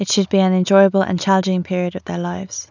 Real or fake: real